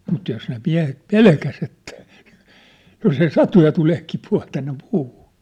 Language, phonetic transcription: Finnish, mut 'jos ne 'miä̭het "pelkäs ‿että , 'jos ‿ei "satu ja 'tuleeh̳ 'kipu₍ah̳ tänne 'puuhu .
- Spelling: mutta jos ne miehet pelkäsi että jos ei satu ja tulee kipuaa tänne puuhun

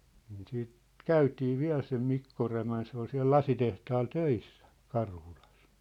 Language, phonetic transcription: Finnish, niin siit , "käytii 'viä̭l sem 'Mikko Rämän se ‿ol siä̭l "lasitehtaal 'töissä , 'Karhulas .
- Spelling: niin sitten käytiin vielä sen Mikko Rämän se oli siellä lasitehtaalla töissä Karhulassa

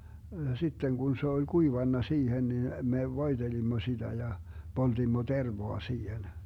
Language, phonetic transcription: Finnish, 'sitteŋ Gun se oĺ "kuivanna 'siihen nin , me voiDelimmo 'siDä ja , 'poltimmo "tervoa 'siihen .
- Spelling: sitten kun se oli kuivanut siihen niin me voitelimme sitä ja poltimme tervaa siihen

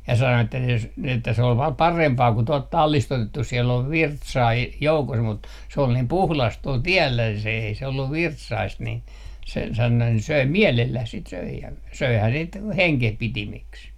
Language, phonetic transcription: Finnish, ja 'sano että jos , ni että se ol vaa "parempaa ku 'tuɔlt "tallis't ‿otettus siel ‿ov "virtsaa e- , 'joukos mut se ol niim "puhlast 'tuol "tiɛllä se ei se 'olluv "virtsaist nin , se sano 'söi "miälelläh 'sit 'söi ja "söihää 'sit , "heŋkehpitimiks .
- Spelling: ja sanoi että jos niin että se oli vain parempaa kuin tuolta tallista otettu siellä on virtsaa - joukossa mutta se oli niin puhdasta tuolla tiellä se ei se ollut virtsaista niin se sanoi söi mielellään sitä söi ja söihän sitä hengenpitimiksi

